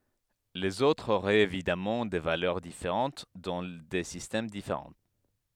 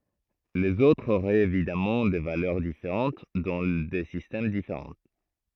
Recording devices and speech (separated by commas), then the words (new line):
headset microphone, throat microphone, read sentence
Les autres auraient évidemment des valeurs différentes dans des systèmes différents.